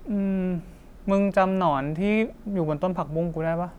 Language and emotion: Thai, neutral